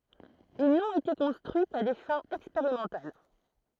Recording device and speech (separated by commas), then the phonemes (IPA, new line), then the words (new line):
throat microphone, read sentence
il nɔ̃t ete kɔ̃stʁyi ka de fɛ̃z ɛkspeʁimɑ̃tal
Ils n'ont été construits qu'à des fins expérimentales.